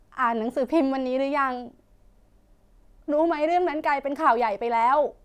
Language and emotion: Thai, sad